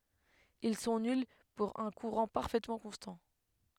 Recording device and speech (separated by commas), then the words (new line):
headset microphone, read sentence
Ils sont nuls pour un courant parfaitement constant.